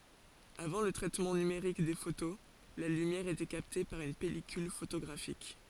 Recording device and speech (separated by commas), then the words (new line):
forehead accelerometer, read sentence
Avant le traitement numérique des photos, la lumière était captée par une pellicule photographique.